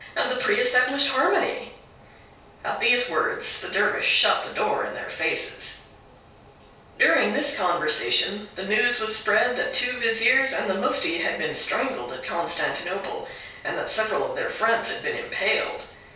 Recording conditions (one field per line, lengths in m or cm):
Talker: one person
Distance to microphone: 3.0 m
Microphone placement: far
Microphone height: 1.8 m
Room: small (3.7 m by 2.7 m)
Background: none